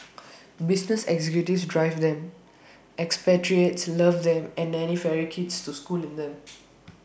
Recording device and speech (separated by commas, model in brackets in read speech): boundary microphone (BM630), read sentence